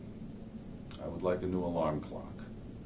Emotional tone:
neutral